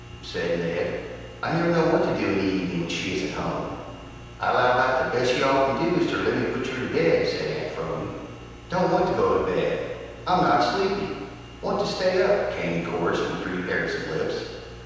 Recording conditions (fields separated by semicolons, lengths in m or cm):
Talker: one person; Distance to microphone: 7.1 m; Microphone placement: far; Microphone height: 1.7 m; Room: very reverberant, large; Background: none